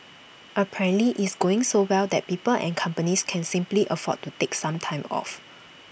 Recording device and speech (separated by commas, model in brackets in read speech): boundary microphone (BM630), read sentence